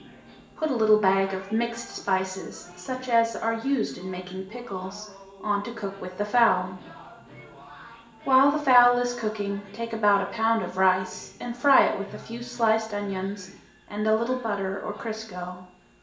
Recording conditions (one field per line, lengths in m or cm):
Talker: one person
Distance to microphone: 1.8 m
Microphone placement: close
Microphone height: 1.0 m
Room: large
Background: television